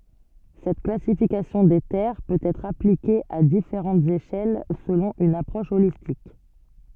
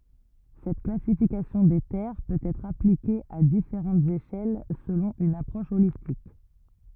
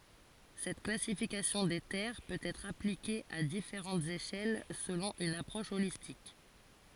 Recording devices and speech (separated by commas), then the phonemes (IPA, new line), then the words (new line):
soft in-ear microphone, rigid in-ear microphone, forehead accelerometer, read sentence
sɛt klasifikasjɔ̃ de tɛʁ pøt ɛtʁ aplike a difeʁɑ̃tz eʃɛl səlɔ̃ yn apʁɔʃ olistik
Cette classification des terres peut être appliquée à différentes échelles selon une approche holistique.